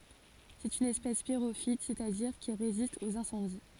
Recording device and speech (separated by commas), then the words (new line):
forehead accelerometer, read sentence
C'est une espèce pyrophyte, c'est-à-dire qui résiste aux incendies.